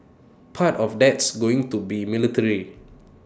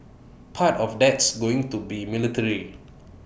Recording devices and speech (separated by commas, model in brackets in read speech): standing microphone (AKG C214), boundary microphone (BM630), read sentence